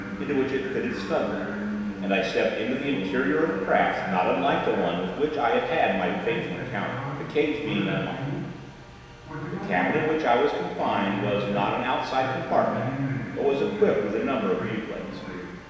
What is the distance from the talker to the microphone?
1.7 m.